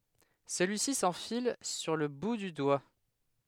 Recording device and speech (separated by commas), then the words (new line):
headset microphone, read sentence
Celui-ci s'enfile sur le bout du doigt.